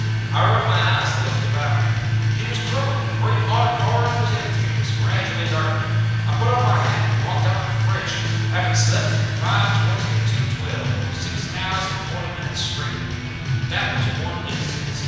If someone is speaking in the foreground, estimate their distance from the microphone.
7.1 m.